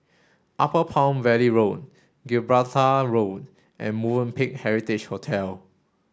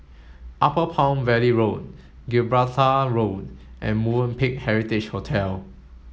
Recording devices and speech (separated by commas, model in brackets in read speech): standing microphone (AKG C214), mobile phone (Samsung S8), read sentence